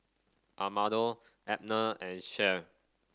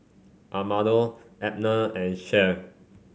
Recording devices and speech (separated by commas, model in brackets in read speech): standing microphone (AKG C214), mobile phone (Samsung C5), read sentence